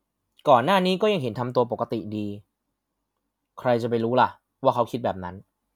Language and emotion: Thai, frustrated